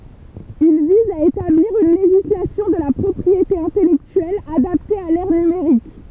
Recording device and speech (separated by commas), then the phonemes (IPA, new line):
temple vibration pickup, read sentence
il viz a etabliʁ yn leʒislasjɔ̃ də la pʁɔpʁiete ɛ̃tɛlɛktyɛl adapte a lɛʁ nymeʁik